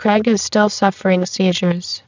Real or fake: fake